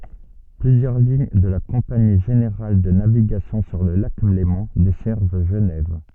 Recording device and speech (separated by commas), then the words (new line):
soft in-ear microphone, read sentence
Plusieurs lignes de la Compagnie générale de navigation sur le lac Léman desservent Genève.